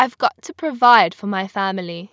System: none